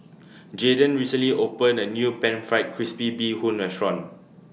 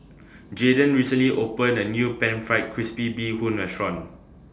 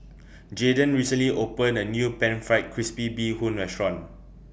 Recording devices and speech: mobile phone (iPhone 6), standing microphone (AKG C214), boundary microphone (BM630), read sentence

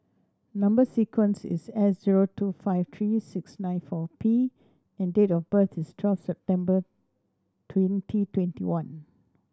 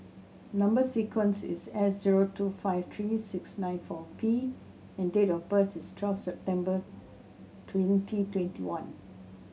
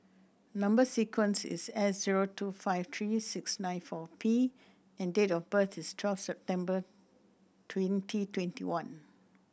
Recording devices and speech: standing microphone (AKG C214), mobile phone (Samsung C7100), boundary microphone (BM630), read sentence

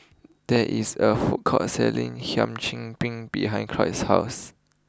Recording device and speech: close-talking microphone (WH20), read sentence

